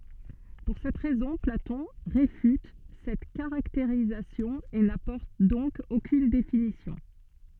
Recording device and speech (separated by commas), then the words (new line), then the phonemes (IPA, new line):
soft in-ear microphone, read sentence
Pour cette raison, Platon réfute cette caractérisation et n'apporte donc aucune définition.
puʁ sɛt ʁɛzɔ̃ platɔ̃ ʁefyt sɛt kaʁakteʁizasjɔ̃ e napɔʁt dɔ̃k okyn definisjɔ̃